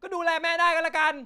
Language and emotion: Thai, angry